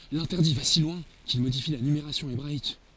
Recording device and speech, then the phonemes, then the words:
forehead accelerometer, read sentence
lɛ̃tɛʁdi va si lwɛ̃ kil modifi la nymeʁasjɔ̃ ebʁaik
L'interdit va si loin qu'il modifie la numération hébraïque.

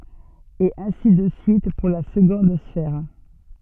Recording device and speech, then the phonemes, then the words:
soft in-ear microphone, read sentence
e ɛ̃si də syit puʁ la səɡɔ̃d sfɛʁ
Et ainsi de suite pour la seconde sphère.

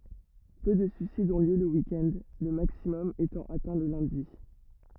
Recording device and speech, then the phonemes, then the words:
rigid in-ear microphone, read sentence
pø də syisidz ɔ̃ ljø lə wik ɛnd lə maksimɔm etɑ̃ atɛ̃ lə lœ̃di
Peu de suicides ont lieu le week-end, le maximum étant atteint le lundi.

